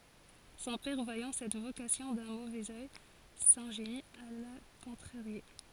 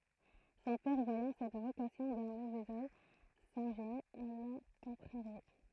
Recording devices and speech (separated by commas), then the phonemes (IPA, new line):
forehead accelerometer, throat microphone, read sentence
sɔ̃ pɛʁ vwajɑ̃ sɛt vokasjɔ̃ dœ̃ movɛz œj sɛ̃ʒeni a la kɔ̃tʁaʁje